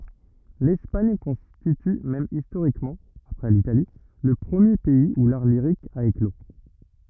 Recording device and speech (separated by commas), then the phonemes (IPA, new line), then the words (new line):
rigid in-ear microphone, read sentence
lɛspaɲ kɔ̃stity mɛm istoʁikmɑ̃ apʁɛ litali lə pʁəmje pɛiz u laʁ liʁik a eklo
L’Espagne constitue même historiquement, après l’Italie, le premier pays où l’art lyrique a éclos.